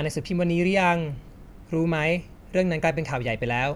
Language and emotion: Thai, neutral